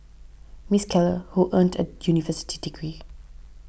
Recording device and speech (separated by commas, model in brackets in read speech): boundary microphone (BM630), read sentence